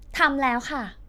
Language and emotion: Thai, frustrated